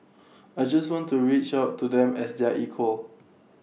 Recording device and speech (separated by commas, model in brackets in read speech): mobile phone (iPhone 6), read sentence